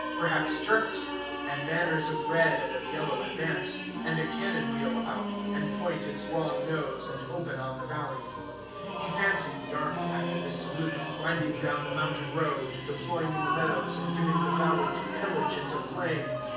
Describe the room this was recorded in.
A sizeable room.